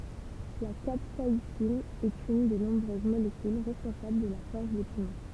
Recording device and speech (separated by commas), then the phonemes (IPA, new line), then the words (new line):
temple vibration pickup, read sentence
la kapsaisin ɛt yn de nɔ̃bʁøz molekyl ʁɛspɔ̃sabl də la fɔʁs de pimɑ̃
La capsaïcine est une des nombreuses molécules responsables de la force des piments.